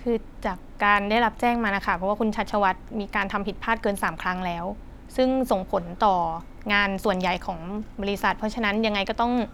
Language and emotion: Thai, frustrated